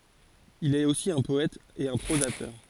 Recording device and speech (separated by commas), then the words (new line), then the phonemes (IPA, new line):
forehead accelerometer, read sentence
Il est aussi un poète et un prosateur.
il ɛt osi œ̃ pɔɛt e œ̃ pʁozatœʁ